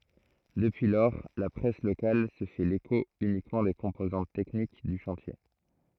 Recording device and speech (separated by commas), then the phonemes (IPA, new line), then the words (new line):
throat microphone, read sentence
dəpyi lɔʁ la pʁɛs lokal sə fɛ leko ynikmɑ̃ de kɔ̃pozɑ̃t tɛknik dy ʃɑ̃tje
Depuis lors, la presse locale se fait l'écho uniquement des composantes techniques du chantier.